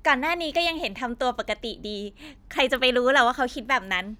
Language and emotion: Thai, happy